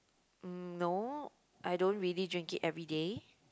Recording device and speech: close-talking microphone, conversation in the same room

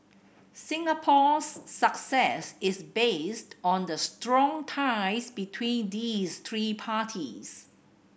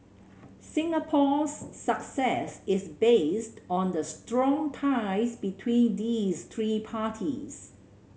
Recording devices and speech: boundary microphone (BM630), mobile phone (Samsung C7100), read sentence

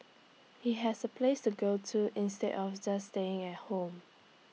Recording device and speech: mobile phone (iPhone 6), read sentence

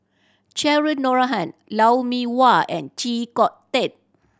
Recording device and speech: standing microphone (AKG C214), read sentence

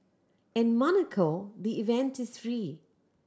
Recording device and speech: standing microphone (AKG C214), read sentence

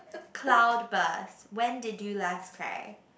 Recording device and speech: boundary microphone, conversation in the same room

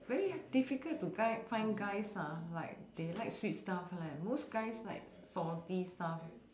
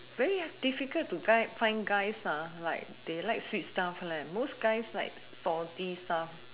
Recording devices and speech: standing microphone, telephone, conversation in separate rooms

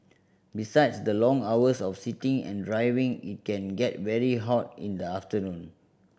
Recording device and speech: boundary microphone (BM630), read sentence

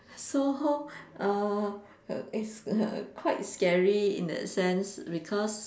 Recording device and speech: standing microphone, conversation in separate rooms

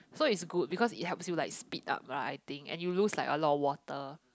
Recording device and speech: close-talking microphone, conversation in the same room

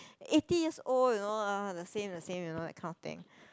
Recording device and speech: close-talking microphone, conversation in the same room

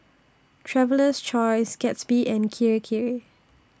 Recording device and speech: standing microphone (AKG C214), read sentence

